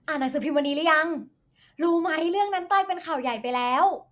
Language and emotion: Thai, happy